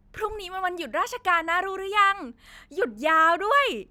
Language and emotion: Thai, happy